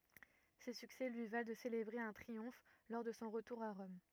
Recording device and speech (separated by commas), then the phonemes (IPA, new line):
rigid in-ear microphone, read sentence
se syksɛ lyi val də selebʁe œ̃ tʁiɔ̃f lɔʁ də sɔ̃ ʁətuʁ a ʁɔm